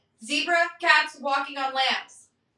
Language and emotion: English, neutral